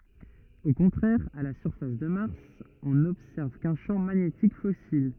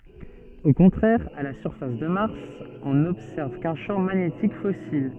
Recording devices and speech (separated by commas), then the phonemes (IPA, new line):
rigid in-ear microphone, soft in-ear microphone, read sentence
o kɔ̃tʁɛʁ a la syʁfas də maʁs ɔ̃ nɔbsɛʁv kœ̃ ʃɑ̃ maɲetik fɔsil